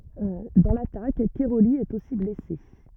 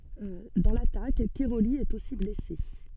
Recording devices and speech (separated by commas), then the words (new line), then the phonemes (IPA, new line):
rigid in-ear microphone, soft in-ear microphone, read sentence
Dans l'attaque, Cairoli est aussi blessé.
dɑ̃ latak kɛʁoli ɛt osi blɛse